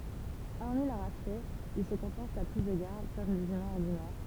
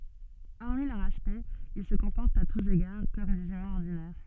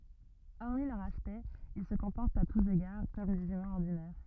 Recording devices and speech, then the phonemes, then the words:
temple vibration pickup, soft in-ear microphone, rigid in-ear microphone, read sentence
ɔʁmi lœʁ aspɛkt il sə kɔ̃pɔʁtt a tus eɡaʁ kɔm dez ymɛ̃z ɔʁdinɛʁ
Hormis leur aspect, ils se comportent à tous égards comme des humains ordinaires.

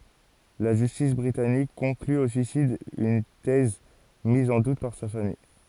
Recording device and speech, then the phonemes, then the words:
forehead accelerometer, read sentence
la ʒystis bʁitanik kɔ̃kly o syisid yn tɛz miz ɑ̃ dut paʁ sa famij
La justice britannique conclut au suicide, une thèse mise en doute par sa famille.

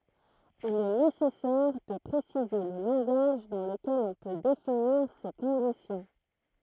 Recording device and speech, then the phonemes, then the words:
throat microphone, read sentence
il ɛ nesɛsɛʁ də pʁesize lə lɑ̃ɡaʒ dɑ̃ ləkɛl ɔ̃ pø definiʁ se kɔ̃disjɔ̃
Il est nécessaire de préciser le langage dans lequel on peut définir ces conditions.

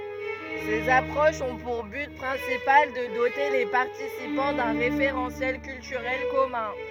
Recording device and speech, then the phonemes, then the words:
rigid in-ear microphone, read sentence
sez apʁoʃz ɔ̃ puʁ byt pʁɛ̃sipal də dote le paʁtisipɑ̃ dœ̃ ʁefeʁɑ̃sjɛl kyltyʁɛl kɔmœ̃
Ces approches ont pour but principal de doter les participants d'un référentiel culturel commun.

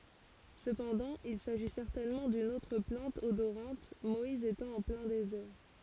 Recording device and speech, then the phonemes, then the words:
forehead accelerometer, read sentence
səpɑ̃dɑ̃ il saʒi sɛʁtɛnmɑ̃ dyn otʁ plɑ̃t odoʁɑ̃t mɔiz etɑ̃ ɑ̃ plɛ̃ dezɛʁ
Cependant, il s'agit certainement d'une autre plante odorante, Moïse étant en plein désert.

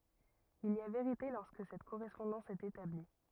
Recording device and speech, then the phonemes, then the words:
rigid in-ear microphone, read sentence
il i a veʁite lɔʁskə sɛt koʁɛspɔ̃dɑ̃s ɛt etabli
Il y a vérité lorsque cette correspondance est établie.

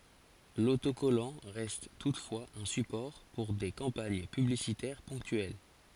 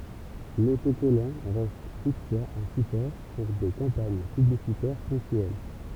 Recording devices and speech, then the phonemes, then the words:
forehead accelerometer, temple vibration pickup, read sentence
lotokɔlɑ̃ ʁɛst tutfwaz œ̃ sypɔʁ puʁ de kɑ̃paɲ pyblisitɛʁ pɔ̃ktyɛl
L'autocollant reste toutefois un support pour des campagnes publicitaires ponctuelles.

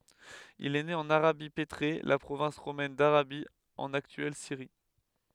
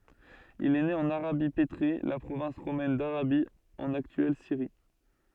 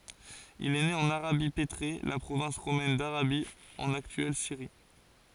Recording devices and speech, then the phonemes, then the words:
headset microphone, soft in-ear microphone, forehead accelerometer, read sentence
il ɛ ne ɑ̃n aʁabi petʁe la pʁovɛ̃s ʁomɛn daʁabi ɑ̃n aktyɛl siʁi
Il est né en Arabie pétrée, la province romaine d'Arabie, en actuelle Syrie.

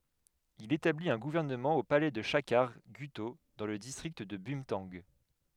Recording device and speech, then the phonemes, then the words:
headset microphone, read sentence
il etablit œ̃ ɡuvɛʁnəmɑ̃ o palɛ də ʃakaʁ ɡyto dɑ̃ lə distʁikt də bœ̃tɑ̃ɡ
Il établit un gouvernement au palais de Chakhar Gutho, dans le district de Bumthang.

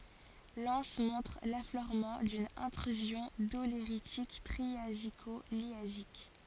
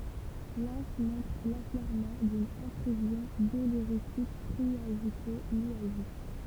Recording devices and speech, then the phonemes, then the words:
forehead accelerometer, temple vibration pickup, read sentence
lɑ̃s mɔ̃tʁ lafløʁmɑ̃ dyn ɛ̃tʁyzjɔ̃ doleʁitik tʁiaziko ljazik
L'anse montre l'affleurement d'une Intrusion doléritique triasico-liasique.

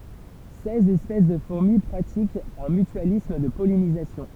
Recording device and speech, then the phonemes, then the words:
temple vibration pickup, read sentence
sɛz ɛspɛs də fuʁmi pʁatikt œ̃ mytyalism də pɔlinizasjɔ̃
Seize espèces de fourmis pratiquent un mutualisme de pollinisation.

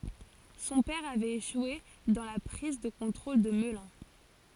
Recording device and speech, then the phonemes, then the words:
forehead accelerometer, read sentence
sɔ̃ pɛʁ avɛt eʃwe dɑ̃ la pʁiz də kɔ̃tʁol də məlœ̃
Son père avait échoué dans la prise de contrôle de Melun.

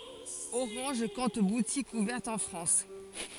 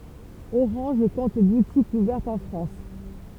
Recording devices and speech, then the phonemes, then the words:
forehead accelerometer, temple vibration pickup, read sentence
oʁɑ̃ʒ kɔ̃t butikz uvɛʁtz ɑ̃ fʁɑ̃s
Orange compte boutiques ouvertes en France.

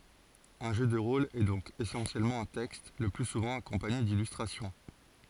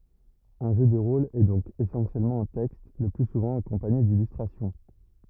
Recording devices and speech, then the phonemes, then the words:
forehead accelerometer, rigid in-ear microphone, read sentence
œ̃ ʒø də ʁol ɛ dɔ̃k esɑ̃sjɛlmɑ̃ œ̃ tɛkst lə ply suvɑ̃ akɔ̃paɲe dilystʁasjɔ̃
Un jeu de rôle est donc essentiellement un texte, le plus souvent accompagné d'illustrations.

